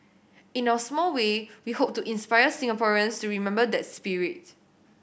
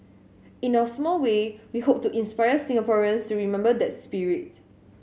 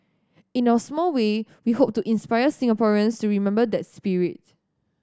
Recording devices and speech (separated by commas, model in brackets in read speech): boundary microphone (BM630), mobile phone (Samsung S8), standing microphone (AKG C214), read sentence